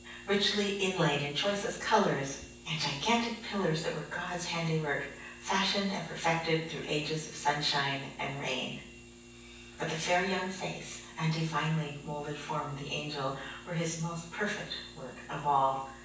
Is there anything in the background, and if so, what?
Nothing.